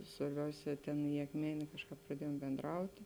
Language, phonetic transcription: Lithuanian, svarˈbiausē ˈtėn i akˈmenė ˈkažˌkāp praˈdiejom bendˈrauti

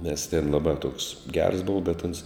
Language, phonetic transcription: Lithuanian, nes tėn laˈbā toks gers ˈbova bet ans

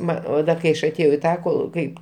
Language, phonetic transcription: Lithuanian, ˈma o ˈda kai ˈaš aˈtėjau į ˈtą ˈkol ˈkaip

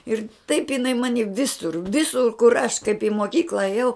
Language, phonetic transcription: Lithuanian, ˈir taip iˈnai ˈmani ˈvisur ˈvisur kur aš kaip i moˈkykla aˈjau

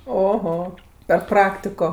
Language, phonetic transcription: Lithuanian, oˈho per ˈpraktiko

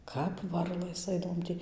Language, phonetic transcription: Lithuanian, ˈkap ˈvarlɘs ˈaidavom ˈtį

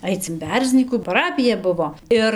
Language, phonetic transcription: Lithuanian, ˈaic in ˈberznykų paˈrapija ˈbuvo ˈir

